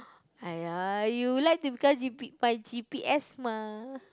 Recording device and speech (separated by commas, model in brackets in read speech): close-talking microphone, conversation in the same room